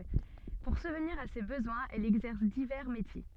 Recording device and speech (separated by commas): soft in-ear microphone, read sentence